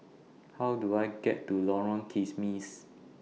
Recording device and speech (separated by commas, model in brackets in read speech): mobile phone (iPhone 6), read sentence